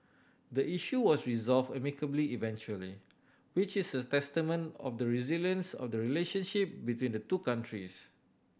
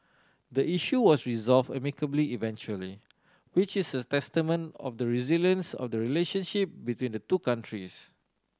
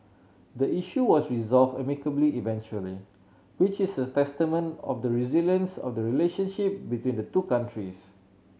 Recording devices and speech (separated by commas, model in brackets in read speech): boundary microphone (BM630), standing microphone (AKG C214), mobile phone (Samsung C7100), read sentence